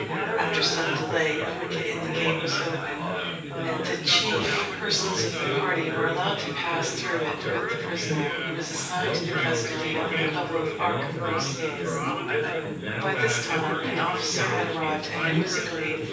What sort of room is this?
A sizeable room.